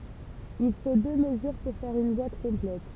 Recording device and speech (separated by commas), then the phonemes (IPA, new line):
temple vibration pickup, read sentence
il fo dø məzyʁ puʁ fɛʁ yn bwat kɔ̃plɛt